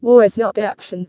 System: VC, vocoder